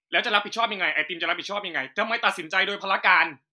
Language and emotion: Thai, angry